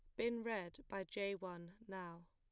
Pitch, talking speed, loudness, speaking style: 195 Hz, 170 wpm, -46 LUFS, plain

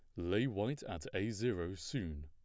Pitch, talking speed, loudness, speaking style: 90 Hz, 175 wpm, -39 LUFS, plain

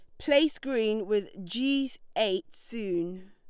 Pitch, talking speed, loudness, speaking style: 215 Hz, 115 wpm, -29 LUFS, Lombard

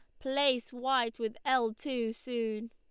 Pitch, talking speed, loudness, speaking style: 245 Hz, 145 wpm, -32 LUFS, Lombard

